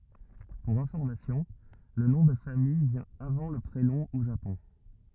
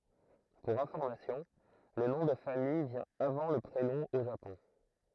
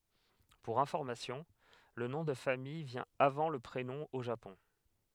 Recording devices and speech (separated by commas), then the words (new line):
rigid in-ear microphone, throat microphone, headset microphone, read sentence
Pour information, le nom de famille vient avant le prénom au Japon.